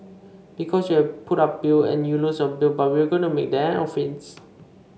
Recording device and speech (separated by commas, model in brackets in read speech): mobile phone (Samsung C5), read sentence